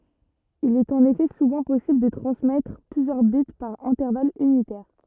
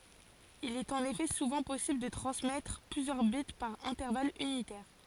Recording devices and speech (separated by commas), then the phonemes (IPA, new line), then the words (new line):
rigid in-ear microphone, forehead accelerometer, read sentence
il ɛt ɑ̃n efɛ suvɑ̃ pɔsibl də tʁɑ̃smɛtʁ plyzjœʁ bit paʁ ɛ̃tɛʁval ynitɛʁ
Il est en effet souvent possible de transmettre plusieurs bits par intervalle unitaire.